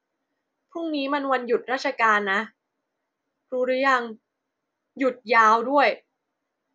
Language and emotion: Thai, frustrated